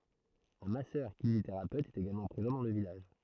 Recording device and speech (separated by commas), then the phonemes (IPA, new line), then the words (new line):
throat microphone, read sentence
œ̃ masœʁkineziteʁapøt ɛt eɡalmɑ̃ pʁezɑ̃ dɑ̃ lə vilaʒ
Un Masseur-kinésithérapeute est également présent dans le village.